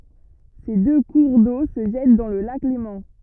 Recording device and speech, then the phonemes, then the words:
rigid in-ear microphone, read sentence
se dø kuʁ do sə ʒɛt dɑ̃ lə lak lemɑ̃
Ces deux cours d'eau se jettent dans le lac Léman.

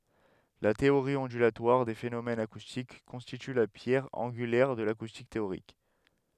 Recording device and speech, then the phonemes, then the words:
headset microphone, read sentence
la teoʁi ɔ̃dylatwaʁ de fenomɛnz akustik kɔ̃stity la pjɛʁ ɑ̃ɡylɛʁ də lakustik teoʁik
La théorie ondulatoire des phénomènes acoustiques constitue la pierre angulaire de l'acoustique théorique.

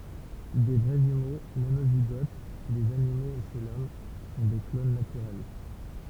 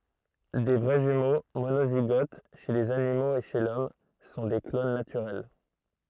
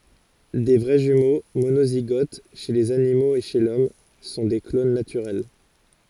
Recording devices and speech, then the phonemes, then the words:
temple vibration pickup, throat microphone, forehead accelerometer, read sentence
de vʁɛ ʒymo monoziɡot ʃe lez animoz e ʃe lɔm sɔ̃ de klon natyʁɛl
Des vrais jumeaux, monozygotes, chez les animaux et chez l'Homme sont des clones naturels.

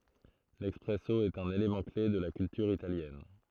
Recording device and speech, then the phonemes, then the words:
throat microphone, read sentence
lɛspʁɛso ɛt œ̃n elemɑ̃ kle də la kyltyʁ italjɛn
L'espresso est un élément clé de la culture italienne.

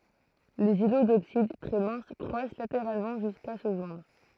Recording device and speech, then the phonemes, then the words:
throat microphone, read sentence
lez ilo doksid tʁɛ mɛ̃s kʁwas lateʁalmɑ̃ ʒyska sə ʒwɛ̃dʁ
Les îlots d'oxyde, très minces, croissent latéralement jusqu'à se joindre.

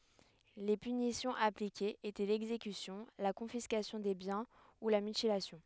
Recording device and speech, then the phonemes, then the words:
headset microphone, read sentence
le pynisjɔ̃z aplikez etɛ lɛɡzekysjɔ̃ la kɔ̃fiskasjɔ̃ de bjɛ̃ u la mytilasjɔ̃
Les punitions appliquées étaient l'exécution, la confiscation des biens ou la mutilation.

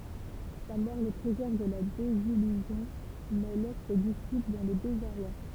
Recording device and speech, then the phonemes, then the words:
temple vibration pickup, read sentence
sa mɔʁ lə pʁezɛʁv də la dezijyzjɔ̃ mɛ lɛs se disipl dɑ̃ lə dezaʁwa
Sa mort le préserve de la désillusion, mais laisse ses disciples dans le désarroi.

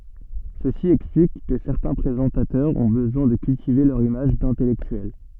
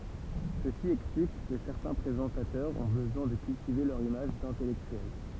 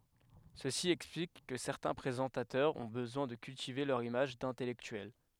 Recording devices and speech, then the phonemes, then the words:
soft in-ear microphone, temple vibration pickup, headset microphone, read sentence
səsi ɛksplik kə sɛʁtɛ̃ pʁezɑ̃tatœʁz ɔ̃ bəzwɛ̃ də kyltive lœʁ imaʒ dɛ̃tɛlɛktyɛl
Ceci explique que certains présentateurs ont besoin de cultiver leur image d'intellectuel.

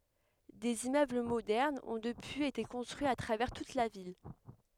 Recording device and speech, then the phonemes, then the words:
headset microphone, read sentence
dez immøbl modɛʁnz ɔ̃ dəpyiz ete kɔ̃stʁyiz a tʁavɛʁ tut la vil
Des immeubles modernes ont depuis été construits à travers toute la ville.

